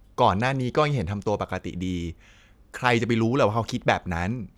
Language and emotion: Thai, neutral